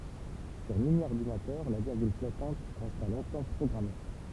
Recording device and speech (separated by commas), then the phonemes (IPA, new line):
temple vibration pickup, read sentence
syʁ minjɔʁdinatœʁ la viʁɡyl flɔtɑ̃t ʁɛsta lɔ̃tɑ̃ pʁɔɡʁame